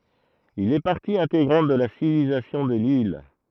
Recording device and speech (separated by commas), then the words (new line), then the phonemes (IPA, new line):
throat microphone, read sentence
Il est partie intégrante de la civilisation de l'île.
il ɛ paʁti ɛ̃teɡʁɑ̃t də la sivilizasjɔ̃ də lil